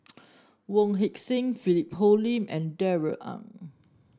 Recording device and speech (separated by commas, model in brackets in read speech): standing microphone (AKG C214), read sentence